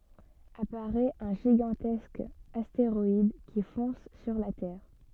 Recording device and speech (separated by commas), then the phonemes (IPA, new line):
soft in-ear microphone, read sentence
apaʁɛt œ̃ ʒiɡɑ̃tɛsk asteʁɔid ki fɔ̃s syʁ la tɛʁ